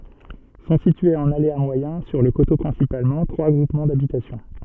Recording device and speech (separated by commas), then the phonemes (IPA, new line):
soft in-ear microphone, read sentence
sɔ̃ sityez ɑ̃n alea mwajɛ̃ syʁ lə koto pʁɛ̃sipalmɑ̃ tʁwa ɡʁupmɑ̃ dabitasjɔ̃